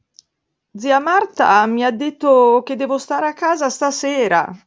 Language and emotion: Italian, surprised